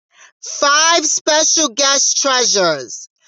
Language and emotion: English, surprised